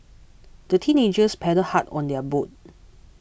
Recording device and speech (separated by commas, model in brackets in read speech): boundary microphone (BM630), read sentence